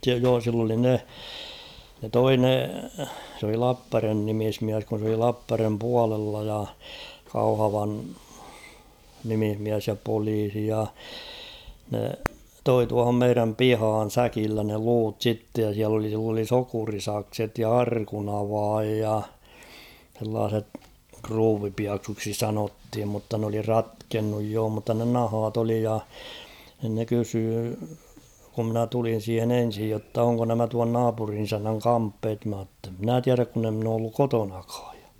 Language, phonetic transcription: Finnish, 'joo sill ‿oli 'ne , ne "toi ne , s ‿oli 'Lappärven 'nimismiäs kun̬ s ‿oli "Lappärvem 'pualella ja , 'Kauhavan , 'nimihmiäs ja 'poliisi ja , ne "toi tuahom 'meiräm "pihaan̬ "säkillä ne 'luut "sittej ja siäl ‿oli sill ‿oli 'sokurisakset ja "arkunavaaj ja , h̬ellaaset , 'kruuvipiaksuuksi "sanothim mutta n ‿oli "ratkennuj joo mutta ne 'nahaat ‿oli ja , nᵎn ne 'kysyy , ku ‿mnä 'tulin̬ 'siihen ‿''en̬sij jotta 'oŋko nämä tuan 'naapurin ‿'isännäŋ "kamppeet mà ‿tte ‿'mnä̀ 'tiäräk kun ‿e ‿mn ‿oo olluk "kotonakᴀᴀᴊ ᴊᴀ .
- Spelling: joo sillä oli ne ne toi ne se oli Lappajärven nimismies kun se oli Lappajärven puolella ja Kauhavan nimismies ja poliisi ja ne toi tuohon meidän pihaan säkillä ne luut sitten ja siellä oli sillä oli sokerisakset ja arkunavain ja sellaiset kruuvipieksuiksi sanottiin mutta ne oli ratkennut joo mutta ne nahat oli ja niin ne kysyi kun minä tulin siihen ensin jotta onko nämä tuon naapurin isännän kamppeet minä ett en minä tiedä kun en minä ole ollut kotonakaan ja

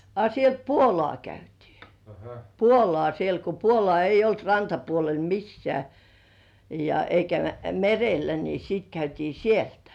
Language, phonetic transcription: Finnish, a sielt "puolŏ§à 'käytii , "puolŏà 'sielt ko "puolŏà eij̆j ‿olt 'rantapuolel "missĕä̀ , ja , eikä "merellä ni 'siit käytii 'sieltᴀ̈ .
- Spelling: a sieltä puolukka käytiin puolukkaa sieltä kun puolukkaa ei ollut rantapuolella missään ja eikä merellä niin sitten käytiin sieltä

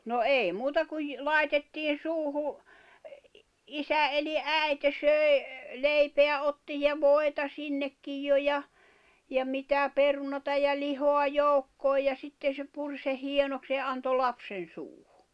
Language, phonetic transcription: Finnish, no "èi muuta kuj , "làitettiin̬ 'suuhu , 'isä eli "’ä̀ite 'söi̬ , "leipeä otti ja "vòi̬ta 'sinnekkij jo ja , ja "mitä "perunata ja 'lihoa "joukkooj ja sitte se 'pur seh̆ 'hienoks ja 'anto 'lapsen̬ 'suuhᴜ .
- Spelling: no ei muuta kuin laitettiin suuhun isä eli äiti söi leipää otti ja voita sinnekin jo ja ja mitä perunaa ja lihaa joukkoon ja sitten se puri sen hienoksi ja antoi lapsen suuhun

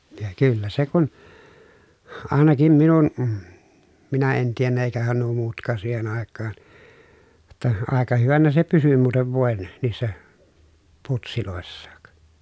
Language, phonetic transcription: Finnish, ja kyllä se kun , àenakim minun , minä en tiennä èikähän nuo muutk̀aan̬ siihen ‿àekkaan , ʲᵒtta , àeka hyvänä se pysy muutev vòen , niissä , putsilòessaak .
- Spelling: ja kyllä se kun ainakin minun minä en tiennyt eikähän nuo muutkaan siihen aikaan jotta aika hyvänä se pysyi muuten voin niissä putseissakin

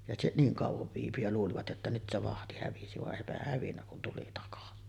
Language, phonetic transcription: Finnish, ja se 'niiŋ kàuvov viipy ja luulivat jotta nyt se "vahti 'hävisi vaˀ 'ˀèipähäh hävinnä kun tuli takasi .
- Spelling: ja se niin kauan viipyi ja luulivat jotta nyt se vahti hävisi vaan eipähän hävinnyt kun tuli takaisin

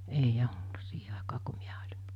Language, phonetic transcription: Finnish, 'ei'j ‿ol(lu) 'siihe áekaa ko 'miä oĺ(in) .
- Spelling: ei ollut siihen aikaan kun minä olin

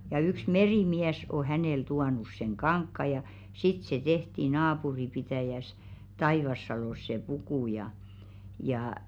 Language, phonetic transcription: Finnish, ja yks 'merì'miäs o 'hänèl 'tuanus seŋ "kaŋkka ja , 'sit se tehti "naapuripitä̀jäs , 'Taivassalòs se 'puku ja , jaa .
- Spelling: ja yksi merimies on hänelle tuonut sen kankaan ja sitten se tehtiin naapuripitäjässä Taivassalossa se puku ja ja

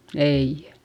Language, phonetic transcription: Finnish, ei .
- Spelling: ei

